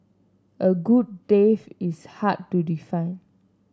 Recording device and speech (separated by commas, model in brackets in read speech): standing microphone (AKG C214), read sentence